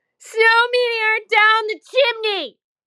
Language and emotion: English, sad